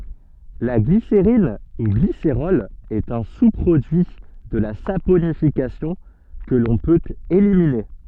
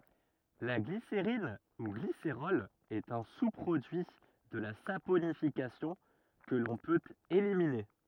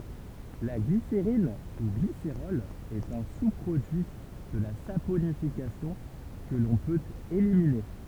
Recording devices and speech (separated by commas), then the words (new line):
soft in-ear microphone, rigid in-ear microphone, temple vibration pickup, read sentence
La glycérine ou glycérol est un sous-produit de la saponification que l'on peut éliminer.